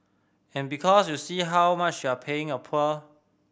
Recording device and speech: boundary microphone (BM630), read sentence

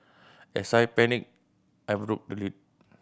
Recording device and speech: boundary microphone (BM630), read sentence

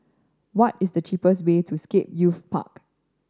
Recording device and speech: standing microphone (AKG C214), read sentence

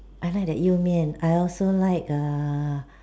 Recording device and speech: standing microphone, conversation in separate rooms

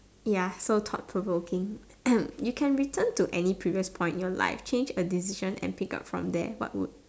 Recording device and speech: standing microphone, conversation in separate rooms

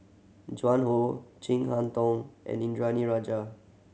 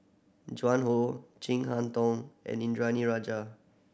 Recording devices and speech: mobile phone (Samsung C7100), boundary microphone (BM630), read sentence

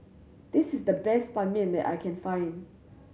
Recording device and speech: mobile phone (Samsung C7100), read sentence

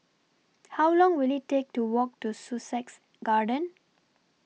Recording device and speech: mobile phone (iPhone 6), read sentence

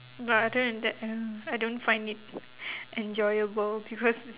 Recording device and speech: telephone, conversation in separate rooms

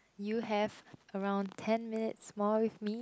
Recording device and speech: close-talking microphone, conversation in the same room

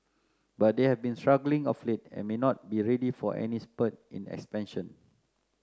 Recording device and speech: close-talking microphone (WH30), read sentence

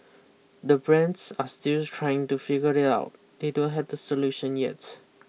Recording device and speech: mobile phone (iPhone 6), read sentence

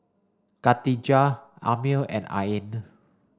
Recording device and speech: standing microphone (AKG C214), read sentence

